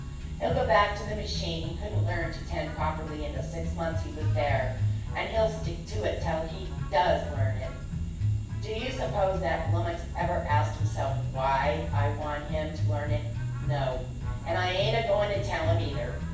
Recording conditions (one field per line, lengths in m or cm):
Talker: one person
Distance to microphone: 9.8 m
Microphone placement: far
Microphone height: 1.8 m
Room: large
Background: music